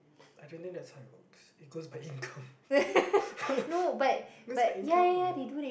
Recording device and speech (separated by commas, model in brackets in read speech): boundary microphone, conversation in the same room